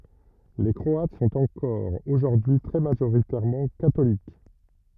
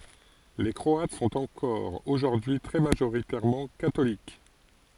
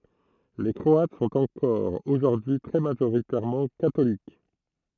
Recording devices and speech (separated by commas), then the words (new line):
rigid in-ear microphone, forehead accelerometer, throat microphone, read sentence
Les Croates sont encore aujourd'hui très majoritairement catholiques.